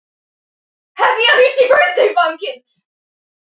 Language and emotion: English, fearful